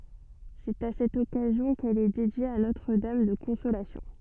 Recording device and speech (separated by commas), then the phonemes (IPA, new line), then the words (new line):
soft in-ear microphone, read sentence
sɛt a sɛt ɔkazjɔ̃ kɛl ɛ dedje a notʁ dam də kɔ̃solasjɔ̃
C'est à cette occasion qu'elle est dédiée à Notre Dame de Consolation.